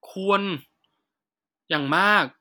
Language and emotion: Thai, frustrated